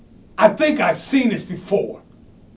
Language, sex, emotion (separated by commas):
English, male, angry